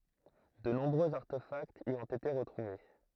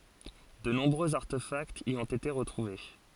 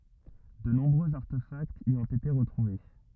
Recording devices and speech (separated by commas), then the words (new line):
throat microphone, forehead accelerometer, rigid in-ear microphone, read sentence
De nombreux artefacts y ont été retrouvés.